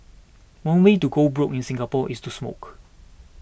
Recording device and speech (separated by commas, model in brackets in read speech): boundary microphone (BM630), read sentence